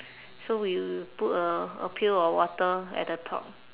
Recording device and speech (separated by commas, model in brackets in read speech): telephone, conversation in separate rooms